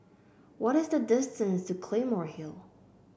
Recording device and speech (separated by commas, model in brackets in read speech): boundary microphone (BM630), read sentence